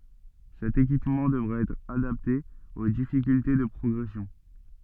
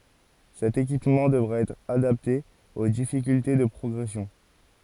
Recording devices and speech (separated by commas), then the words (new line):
soft in-ear microphone, forehead accelerometer, read sentence
Cet équipement devra être adapté aux difficultés de progression.